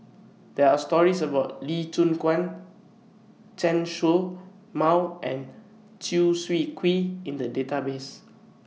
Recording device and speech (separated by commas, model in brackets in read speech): mobile phone (iPhone 6), read sentence